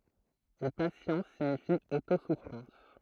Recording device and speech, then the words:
throat microphone, read sentence
Et patience signifie auto-souffrance.

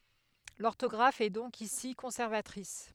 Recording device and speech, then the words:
headset microphone, read sentence
L'orthographe est donc ici conservatrice.

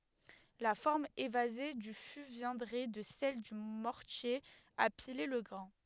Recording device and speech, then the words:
headset microphone, read sentence
La forme évasée du fût viendrait de celle du mortier à piler le grain.

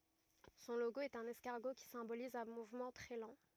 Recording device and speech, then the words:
rigid in-ear microphone, read sentence
Son logo est un escargot qui symbolise un mouvement très lent.

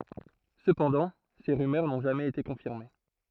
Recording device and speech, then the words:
throat microphone, read sentence
Cependant, ces rumeurs n'ont jamais été confirmées.

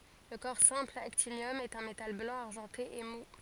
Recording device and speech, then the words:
forehead accelerometer, read sentence
Le corps simple actinium est un métal blanc argenté et mou.

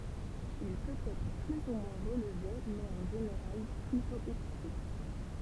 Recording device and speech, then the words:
temple vibration pickup, read sentence
Il peut être plus ou moins relevé, mais en général plutôt épicé.

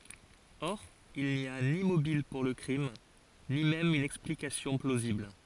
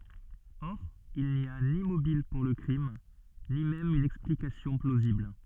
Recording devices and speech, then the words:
forehead accelerometer, soft in-ear microphone, read sentence
Or, il n'y a ni mobile pour le crime, ni même une explication plausible.

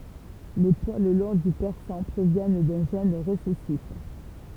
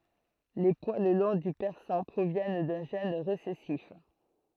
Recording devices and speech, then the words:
temple vibration pickup, throat microphone, read sentence
Les poils longs du persan proviennent d'un gène récessif.

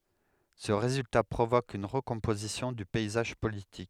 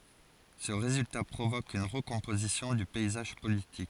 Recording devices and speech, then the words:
headset microphone, forehead accelerometer, read sentence
Ce résultat provoque une recomposition du paysage politique.

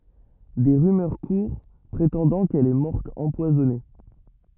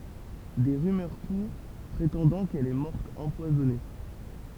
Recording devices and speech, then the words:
rigid in-ear microphone, temple vibration pickup, read sentence
Des rumeurs courent, prétendant qu'elle est morte empoisonnée.

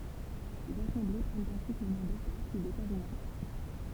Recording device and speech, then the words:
temple vibration pickup, read sentence
Ces assemblées prennent ensuite le nom d'états puis d'états généraux.

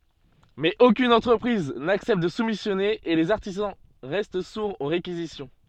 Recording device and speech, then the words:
soft in-ear microphone, read sentence
Mais aucune entreprise n’accepte de soumissionner et les artisans restent sourds aux réquisitions.

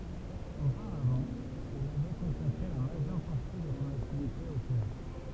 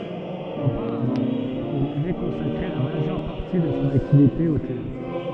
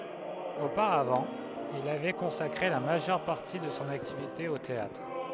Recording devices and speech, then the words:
temple vibration pickup, soft in-ear microphone, headset microphone, read sentence
Auparavant, il avait consacré la majeure partie de son activité au théâtre.

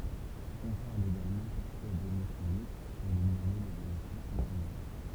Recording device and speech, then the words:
temple vibration pickup, read sentence
On parle également parfois d'émotions mixtes pour nommer les émotions secondaires.

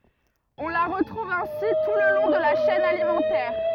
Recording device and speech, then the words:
rigid in-ear microphone, read sentence
On la retrouve ainsi tout le long de la chaîne alimentaire.

